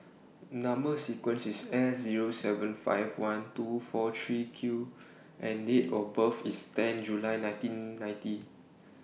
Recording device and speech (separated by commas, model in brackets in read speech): mobile phone (iPhone 6), read sentence